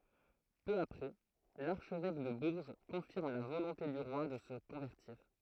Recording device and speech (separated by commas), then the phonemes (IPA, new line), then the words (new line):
throat microphone, read sentence
pø apʁɛ laʁʃvɛk də buʁʒ kɔ̃fiʁm la volɔ̃te dy ʁwa də sə kɔ̃vɛʁtiʁ
Peu après, l’archevêque de Bourges confirme la volonté du roi de se convertir.